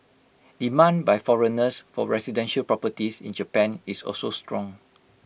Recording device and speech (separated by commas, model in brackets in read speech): boundary microphone (BM630), read sentence